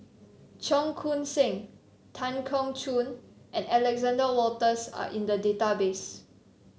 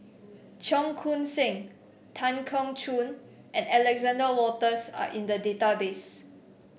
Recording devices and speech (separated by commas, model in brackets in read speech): mobile phone (Samsung C7), boundary microphone (BM630), read sentence